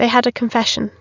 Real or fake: real